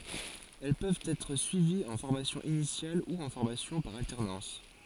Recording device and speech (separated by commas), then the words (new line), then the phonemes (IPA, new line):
forehead accelerometer, read sentence
Elles peuvent être suivies en formation initiale ou en formation par alternance.
ɛl pøvt ɛtʁ syiviz ɑ̃ fɔʁmasjɔ̃ inisjal u ɑ̃ fɔʁmasjɔ̃ paʁ altɛʁnɑ̃s